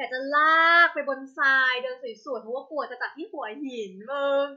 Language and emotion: Thai, happy